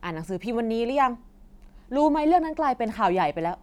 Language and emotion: Thai, frustrated